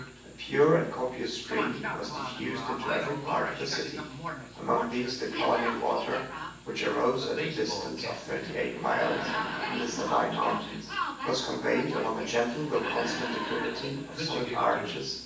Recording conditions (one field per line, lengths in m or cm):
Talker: one person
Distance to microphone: 9.8 m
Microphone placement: far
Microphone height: 1.8 m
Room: large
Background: television